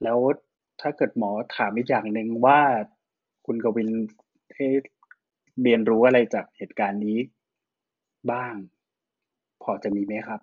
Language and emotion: Thai, neutral